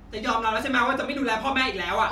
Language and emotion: Thai, angry